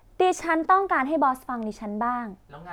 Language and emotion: Thai, frustrated